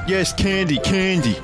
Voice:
dumb voice